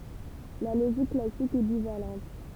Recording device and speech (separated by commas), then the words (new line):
temple vibration pickup, read sentence
La logique classique est bivalente.